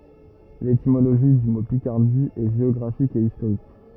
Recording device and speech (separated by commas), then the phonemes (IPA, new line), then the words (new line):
rigid in-ear microphone, read sentence
letimoloʒi dy mo pikaʁdi ɛ ʒeɔɡʁafik e istoʁik
L’étymologie du mot Picardie est géographique et historique.